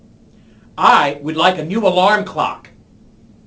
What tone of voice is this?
disgusted